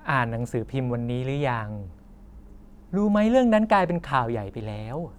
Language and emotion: Thai, frustrated